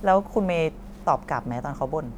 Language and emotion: Thai, neutral